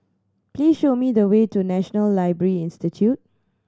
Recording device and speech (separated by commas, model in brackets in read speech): standing microphone (AKG C214), read sentence